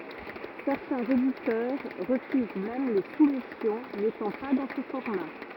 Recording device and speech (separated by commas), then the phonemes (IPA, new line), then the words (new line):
rigid in-ear microphone, read sentence
sɛʁtɛ̃z editœʁ ʁəfyz mɛm le sumisjɔ̃ netɑ̃ pa dɑ̃ sə fɔʁma
Certains éditeurs refusent même les soumissions n'étant pas dans ce format.